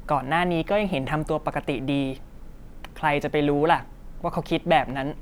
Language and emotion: Thai, frustrated